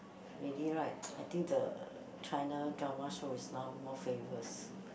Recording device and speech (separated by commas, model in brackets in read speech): boundary microphone, conversation in the same room